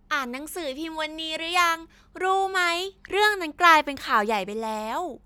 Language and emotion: Thai, happy